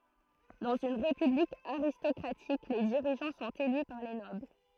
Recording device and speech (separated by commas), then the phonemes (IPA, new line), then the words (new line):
throat microphone, read sentence
dɑ̃z yn ʁepyblik aʁistɔkʁatik le diʁiʒɑ̃ sɔ̃t ely paʁ le nɔbl
Dans une république aristocratique, les dirigeants sont élus par les nobles.